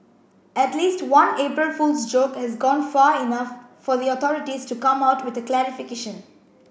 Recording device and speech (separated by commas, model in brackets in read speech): boundary microphone (BM630), read sentence